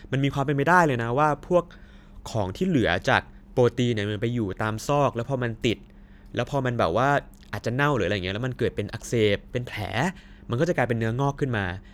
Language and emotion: Thai, neutral